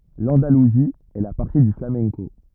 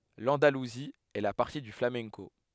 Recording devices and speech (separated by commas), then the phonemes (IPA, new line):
rigid in-ear microphone, headset microphone, read sentence
lɑ̃daluzi ɛ la patʁi dy flamɛ̃ko